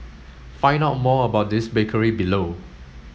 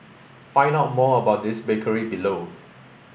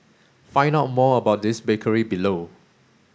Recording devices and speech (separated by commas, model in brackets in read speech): mobile phone (Samsung S8), boundary microphone (BM630), standing microphone (AKG C214), read sentence